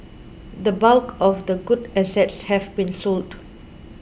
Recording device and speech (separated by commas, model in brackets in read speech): boundary microphone (BM630), read sentence